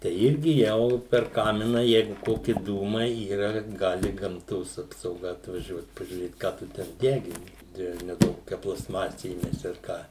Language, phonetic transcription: Lithuanian, tei ˈirgi ˈjau per ˈkamina ˈjeigu ˈkoki ˈdūmai ˈyra ˈgali gamˈtos apsauˈga atvaˈžiuot pažiūˈrėt ˈką tu ˈten ˈdegini ˈdieve neˈduok ˈkokia plasˈmase įˈmesi ar ˈką

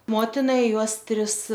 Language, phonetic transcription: Lithuanian, ˈmotina ˈjuos ˈtris

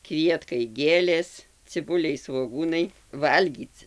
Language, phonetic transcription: Lithuanian, ˈkvietkai ˈgėlės ciˈbuliai svoˈgūnai ˈvalgyc

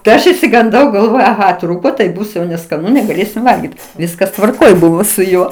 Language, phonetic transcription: Lithuanian, tai ˈaš išsiganˈdau galˈvojau aˈha ˈtrūko tai ˈbus jau neskaˈnu negaˈlėsim ˈvalgyt ˈviskas tvarˈkoj ˈbuvo su ˈjuo

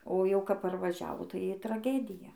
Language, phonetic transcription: Lithuanian, o ˈjau kap parvaˈžiavo tai i traˈgedija

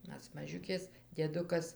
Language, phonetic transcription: Lithuanian, ˈmes maˈžiukės dieˈdukas

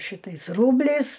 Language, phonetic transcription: Lithuanian, ˈšitais ˈrūbliais

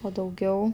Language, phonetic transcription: Lithuanian, o dauˈgiau

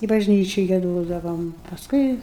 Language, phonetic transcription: Lithuanian, i bažˈnyči gieˈdodavom pasˈkui

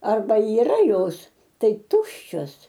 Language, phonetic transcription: Lithuanian, arˈba yˈra ˈjos ˈtai ˈtuščios

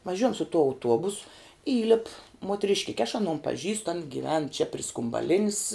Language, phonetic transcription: Lithuanian, vaˈžiuojam su tuo auˈtuobus ˈįlip muotrišˈkike aš aˈnon paˈžįstu an gyˈven čia pri skumbaˈlinis

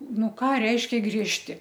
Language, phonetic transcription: Lithuanian, ˈnu ˈką ˈreiškia griežˈti

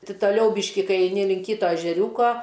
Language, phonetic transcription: Lithuanian, ˈti taˈliau ˈbyški ˈkai eiˈni link ˈkyto ežeˈriūko

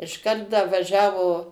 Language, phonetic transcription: Lithuanian, išˈkart da vaˈžiavo

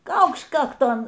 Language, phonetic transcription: Lithuanian, ˈkaukšt ˈkakton

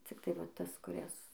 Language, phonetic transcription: Lithuanian, cikˈtai va ˈtas kuˈrias

